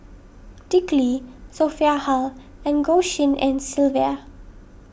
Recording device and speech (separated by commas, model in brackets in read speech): boundary microphone (BM630), read sentence